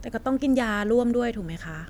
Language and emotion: Thai, frustrated